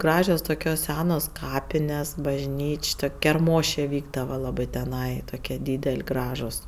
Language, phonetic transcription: Lithuanian, ˈgražios ˈtukios ˈsenos ˈkapines bažˈnyč' ˈtuk' kerˈmošė ˈvykdava ˈlabɜ teˈnai ˈtokie ˈdydel' ˈgražus

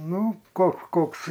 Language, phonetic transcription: Lithuanian, ˈnu ko ˈkoks

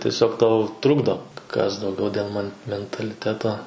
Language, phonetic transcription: Lithuanian, tieˈsiog ˈtau ˈtrukdo kas dauˈgiau dėl man mentaliˈteto

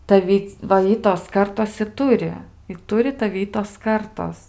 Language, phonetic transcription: Lithuanian, taˈvi va ˈitos ˈkartos i ˈturi i ˈturi taˈvi ˈitos ˈkartos

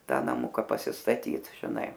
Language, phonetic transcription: Lithuanian, ˈta naˈmuka pasistaˈtyt žiˈnai

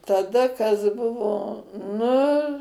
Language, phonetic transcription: Lithuanian, taˈda kas ˈbuvo ˈnu

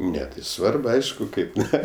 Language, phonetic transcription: Lithuanian, ˈne tai ˈsvarb ˈaišku ˈkaip ˈne

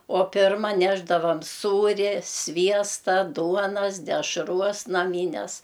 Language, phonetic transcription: Lithuanian, o ˈpirma ˈnešdavam ˈsūria ˈsviesta ˈduonas dešˈruos naˈmynes

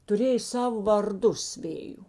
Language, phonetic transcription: Lithuanian, tuˈrėja ˈsavo varˈdus ˈvėju

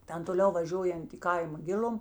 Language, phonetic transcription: Lithuanian, ˈten toˈliau vaˈžiuojant i ˈkaima ˈgil'um

